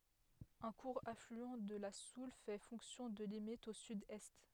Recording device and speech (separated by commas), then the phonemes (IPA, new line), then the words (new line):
headset microphone, read sentence
œ̃ kuʁ aflyɑ̃ də la sul fɛ fɔ̃ksjɔ̃ də limit o sydɛst
Un court affluent de la Soulles fait fonction de limite au sud-est.